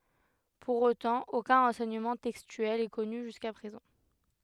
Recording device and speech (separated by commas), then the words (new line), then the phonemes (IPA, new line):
headset microphone, read sentence
Pour autant, aucun renseignement textuel est connu jusqu'à présent.
puʁ otɑ̃ okœ̃ ʁɑ̃sɛɲəmɑ̃ tɛkstyɛl ɛ kɔny ʒyska pʁezɑ̃